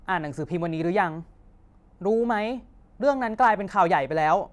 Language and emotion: Thai, angry